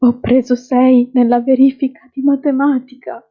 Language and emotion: Italian, fearful